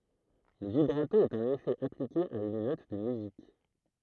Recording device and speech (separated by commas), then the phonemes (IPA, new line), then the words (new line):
throat microphone, read sentence
lə vibʁato ɛt œ̃n efɛ aplike a yn nɔt də myzik
Le vibrato est un effet appliqué à une note de musique.